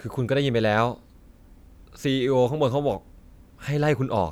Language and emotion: Thai, frustrated